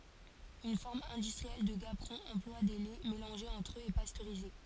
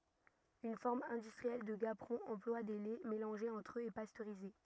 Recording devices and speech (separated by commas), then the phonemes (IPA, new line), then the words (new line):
forehead accelerometer, rigid in-ear microphone, read sentence
yn fɔʁm ɛ̃dystʁiɛl də ɡapʁɔ̃ ɑ̃plwa de lɛ melɑ̃ʒez ɑ̃tʁ øz e pastøʁize
Une forme industrielle de gaperon emploie des laits mélangés entre eux et pasteurisés.